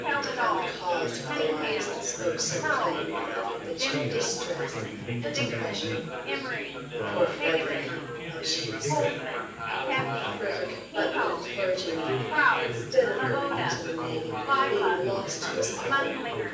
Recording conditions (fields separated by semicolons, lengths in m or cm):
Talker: one person; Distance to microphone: 9.8 m; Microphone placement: far; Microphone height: 1.8 m; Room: large; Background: babble